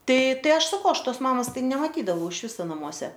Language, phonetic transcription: Lithuanian, ˈtai ˈtai ˈaš saˈkau ˈaš ˈtos ˈmamos ˈtai nemaˈtydavau iš ˈviso naˈmuose

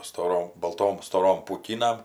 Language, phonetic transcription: Lithuanian, stoˈrom balˈtom stoˈrom pūˈkynam

